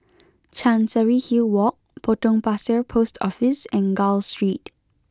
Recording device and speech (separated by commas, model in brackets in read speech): close-talking microphone (WH20), read sentence